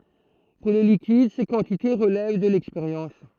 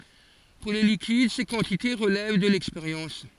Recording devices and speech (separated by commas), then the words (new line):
throat microphone, forehead accelerometer, read sentence
Pour les liquides ces quantités relèvent de l'expérience.